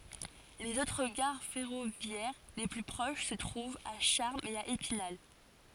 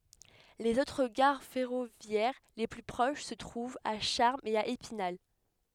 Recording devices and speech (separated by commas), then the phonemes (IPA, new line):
forehead accelerometer, headset microphone, read sentence
lez otʁ ɡaʁ fɛʁovjɛʁ le ply pʁoʃ sə tʁuvt a ʃaʁmz e a epinal